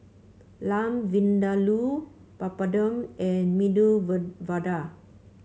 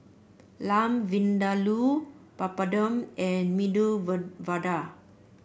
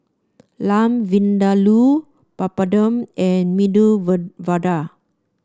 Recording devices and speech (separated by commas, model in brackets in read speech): mobile phone (Samsung C5), boundary microphone (BM630), standing microphone (AKG C214), read sentence